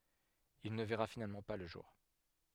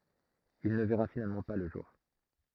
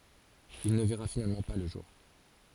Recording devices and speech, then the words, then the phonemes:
headset microphone, throat microphone, forehead accelerometer, read sentence
Il ne verra finalement pas le jour.
il nə vɛʁa finalmɑ̃ pa lə ʒuʁ

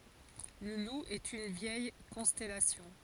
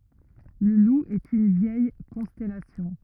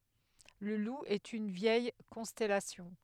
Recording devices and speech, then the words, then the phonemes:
forehead accelerometer, rigid in-ear microphone, headset microphone, read sentence
Le Loup est une vieille constellation.
lə lu ɛt yn vjɛj kɔ̃stɛlasjɔ̃

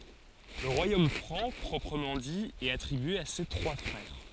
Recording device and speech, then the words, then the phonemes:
forehead accelerometer, read sentence
Le Royaume franc proprement dit est attribué à ses trois frères.
lə ʁwajom fʁɑ̃ pʁɔpʁəmɑ̃ di ɛt atʁibye a se tʁwa fʁɛʁ

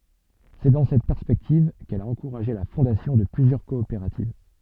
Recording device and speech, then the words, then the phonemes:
soft in-ear microphone, read sentence
C'est dans cette perspective qu'elle a encouragé la fondation de plusieurs coopératives.
sɛ dɑ̃ sɛt pɛʁspɛktiv kɛl a ɑ̃kuʁaʒe la fɔ̃dasjɔ̃ də plyzjœʁ kɔopeʁativ

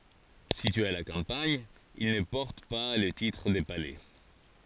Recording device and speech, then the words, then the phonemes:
forehead accelerometer, read sentence
Situés à la campagne, ils ne portent pas le titre de palais.
sityez a la kɑ̃paɲ il nə pɔʁt pa lə titʁ də palɛ

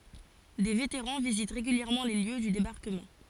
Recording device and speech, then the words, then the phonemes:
forehead accelerometer, read sentence
Des vétérans visitent régulièrement les lieux du débarquement.
de veteʁɑ̃ vizit ʁeɡyljɛʁmɑ̃ le ljø dy debaʁkəmɑ̃

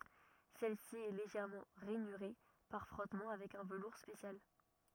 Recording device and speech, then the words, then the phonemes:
rigid in-ear microphone, read sentence
Celle-ci est légèrement rainurée par frottement avec un velours spécial.
sɛlsi ɛ leʒɛʁmɑ̃ ʁɛnyʁe paʁ fʁɔtmɑ̃ avɛk œ̃ vəluʁ spesjal

